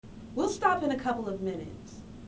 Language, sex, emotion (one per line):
English
female
neutral